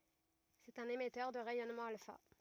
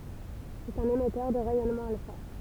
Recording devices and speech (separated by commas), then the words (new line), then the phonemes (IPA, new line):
rigid in-ear microphone, temple vibration pickup, read sentence
C’est un émetteur de rayonnement alpha.
sɛt œ̃n emɛtœʁ də ʁɛjɔnmɑ̃ alfa